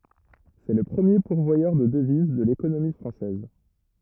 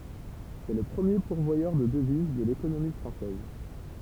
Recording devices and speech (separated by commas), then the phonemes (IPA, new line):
rigid in-ear microphone, temple vibration pickup, read sentence
sɛ lə pʁəmje puʁvwajœʁ də dəviz də lekonomi fʁɑ̃sɛz